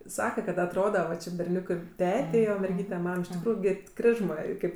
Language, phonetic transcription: Lithuanian, ˈsaka kad atˈroda va ˈči berˈniūkɜ ˈtetei o merˈgyte ˈmam iš tikˈrųju gi ˈkrižmɜ ˈkaip

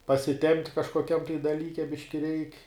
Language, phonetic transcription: Lithuanian, pasiˈtempt' kažkoˈkiam tai daˈlyke ˈbiški reik'

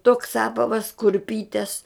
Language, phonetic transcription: Lithuanian, toks ˈapavas kurˈpytes

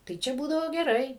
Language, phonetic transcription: Lithuanian, tai ˈčia ˈbūdavo geˈrai

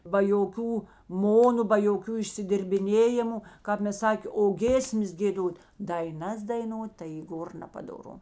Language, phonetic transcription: Lithuanian, ba joˈkių ˈmonu ba joˈkių išsidirbiˈnėjimu ˈkāp mes ˈsakė o ˈgėsmes gėˈdot' daiˈnas daiˈnot tai y ˈgor nepadoˈru

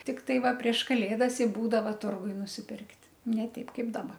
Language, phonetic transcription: Lithuanian, tikˈtai ˈva prieš kaˈlėdas i ˈbūdava ˈturguj nusiˈpirkt' ne ˈteip ˈkaip daˈba

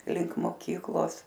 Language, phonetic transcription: Lithuanian, link moˈkyklos

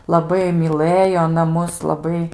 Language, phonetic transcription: Lithuanian, laˈbai myˈlɘjo aˈna ˈmus laˈbai

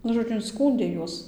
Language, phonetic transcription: Lithuanian, ˈnu žoˈdžiu inˈskūndė ˈjuos

